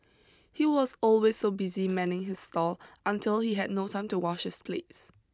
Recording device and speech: close-talking microphone (WH20), read sentence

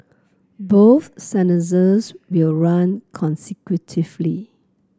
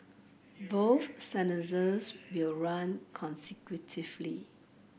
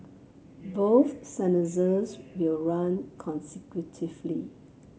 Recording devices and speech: close-talking microphone (WH30), boundary microphone (BM630), mobile phone (Samsung C7), read sentence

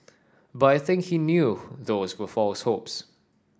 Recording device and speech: standing microphone (AKG C214), read sentence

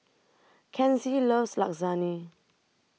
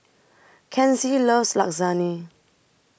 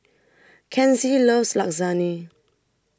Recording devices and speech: mobile phone (iPhone 6), boundary microphone (BM630), standing microphone (AKG C214), read sentence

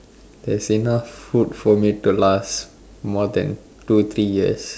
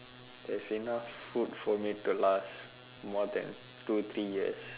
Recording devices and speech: standing microphone, telephone, conversation in separate rooms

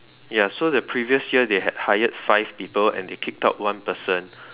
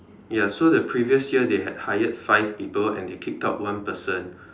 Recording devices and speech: telephone, standing microphone, conversation in separate rooms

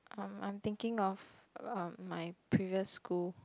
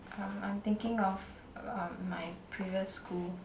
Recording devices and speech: close-talking microphone, boundary microphone, conversation in the same room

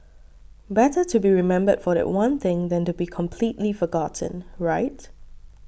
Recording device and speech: boundary microphone (BM630), read sentence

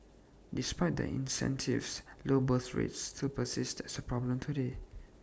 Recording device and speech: standing microphone (AKG C214), read sentence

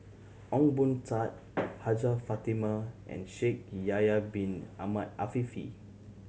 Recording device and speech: mobile phone (Samsung C7100), read sentence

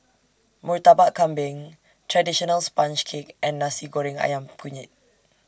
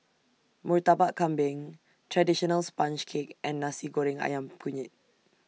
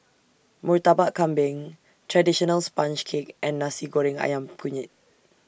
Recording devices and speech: standing microphone (AKG C214), mobile phone (iPhone 6), boundary microphone (BM630), read sentence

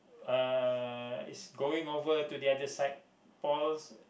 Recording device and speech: boundary microphone, conversation in the same room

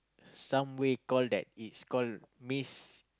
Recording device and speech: close-talking microphone, conversation in the same room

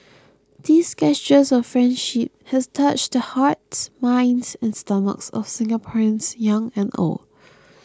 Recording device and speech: close-talking microphone (WH20), read sentence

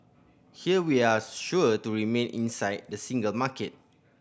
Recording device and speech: boundary microphone (BM630), read sentence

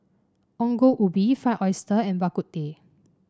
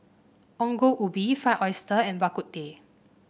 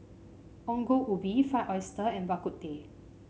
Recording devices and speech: standing microphone (AKG C214), boundary microphone (BM630), mobile phone (Samsung C5), read sentence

